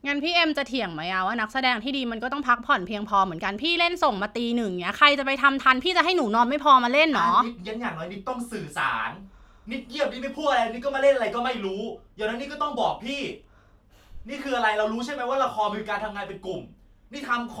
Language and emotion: Thai, angry